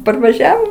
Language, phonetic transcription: Lithuanian, parvaˈžiavo

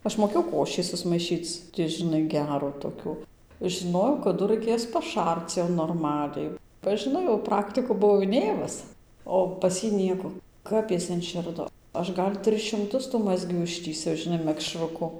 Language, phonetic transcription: Lithuanian, ˈaš moˈkėjau ˈkošį susmaiˈšyc ti žinˈai ˈgerų toˈkių žiˈnojau kaˈdu raiˈkės paˈšarc jau norˈmaliai ba žiˈnai jau ˈpraktikų buˈvau iˈnėmus ˌo pas ˈjį ˈnieko ˈkap is inˈširdo ˈaš ˈgal' ˈtris šimˈtus tų ˈmazgių ˈištįsiau žiˈnai mekˈšruku

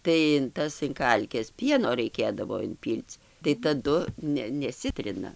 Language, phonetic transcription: Lithuanian, tai in ˈtas in ˈkalkes ˈpieno raiˈkėdavo inˈpyl'c' tai taˈdu ˈne neˈsitrina

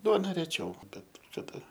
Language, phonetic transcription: Lithuanian, ˈduona ˈrečiau ˈbet kaˈda

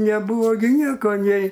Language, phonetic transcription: Lithuanian, neˈbūvo gi ˈnieko ˈnei

